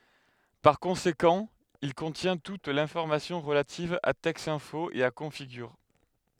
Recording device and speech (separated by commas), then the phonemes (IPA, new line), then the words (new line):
headset microphone, read sentence
paʁ kɔ̃sekɑ̃ il kɔ̃tjɛ̃ tut lɛ̃fɔʁmasjɔ̃ ʁəlativ a tɛksɛ̃fo e a kɔ̃fiɡyʁ
Par conséquent, il contient toute l’information relative à Texinfo et à Configure.